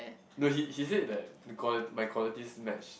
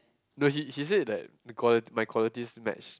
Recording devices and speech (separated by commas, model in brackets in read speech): boundary microphone, close-talking microphone, conversation in the same room